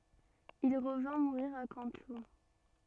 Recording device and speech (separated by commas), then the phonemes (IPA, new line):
soft in-ear microphone, read sentence
il ʁəvɛ̃ muʁiʁ a kɑ̃tlup